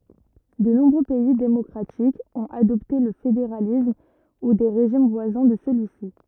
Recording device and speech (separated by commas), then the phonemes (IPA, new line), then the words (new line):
rigid in-ear microphone, read sentence
də nɔ̃bʁø pɛi demɔkʁatikz ɔ̃t adɔpte lə fedeʁalism u de ʁeʒim vwazɛ̃ də səlyi si
De nombreux pays démocratiques ont adopté le fédéralisme ou des régimes voisins de celui-ci.